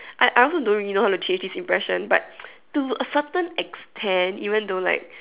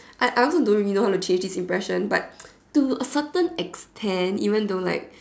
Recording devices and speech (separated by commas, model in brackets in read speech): telephone, standing microphone, conversation in separate rooms